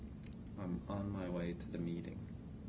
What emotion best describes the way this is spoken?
sad